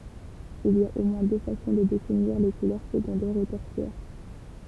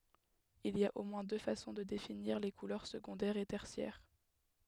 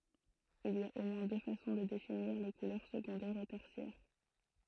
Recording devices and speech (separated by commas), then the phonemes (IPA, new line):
temple vibration pickup, headset microphone, throat microphone, read sentence
il i a o mwɛ̃ dø fasɔ̃ də definiʁ le kulœʁ səɡɔ̃dɛʁz e tɛʁsjɛʁ